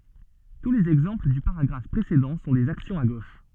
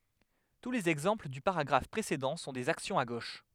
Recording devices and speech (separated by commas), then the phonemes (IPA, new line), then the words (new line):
soft in-ear microphone, headset microphone, read sentence
tu lez ɛɡzɑ̃pl dy paʁaɡʁaf pʁesedɑ̃ sɔ̃ dez aksjɔ̃z a ɡoʃ
Tous les exemples du paragraphe précédent sont des actions à gauche.